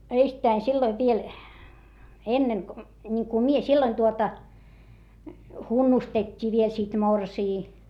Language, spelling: Finnish, ensittäin silloin vielä ennen kuin niin kuin minä silloin tuota hunnustettiin vielä sitten morsian
- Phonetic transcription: eistäi silloiv viel , enneŋ ko , ńiŋku mie silloin tuota , hunnustet́t́ii viel sit morsii .

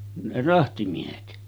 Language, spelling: Finnish, ne rahtimiehet
- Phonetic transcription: ne 'rahtimiehet .

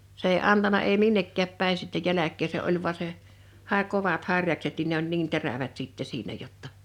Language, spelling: Finnish, se ei antanut ei minnekään päin sitten jälkeä se oli vain se sai kovat harjakset niin ne oli niin terävät sitten siinä jotta
- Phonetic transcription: 's ‿èi 'antana èi "minnekkääp 'pä̀in sitte 'jäläk̆kee se '’oĺ vᵘa se , '(s)ae 'kovat 'harjakset nin ne ‿oĺ 'niin 'terävät sìttɛ 'siinä jotta ,.

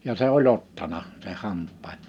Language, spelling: Finnish, ja se oli ottanut sen hampaan
- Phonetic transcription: ja 'se ‿o'l ‿ottana , se(n) 'hamp̆paan .

